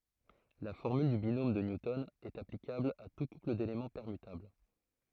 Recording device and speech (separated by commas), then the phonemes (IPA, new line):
throat microphone, read sentence
la fɔʁmyl dy binom də njutɔn ɛt aplikabl a tu kupl delemɑ̃ pɛʁmytabl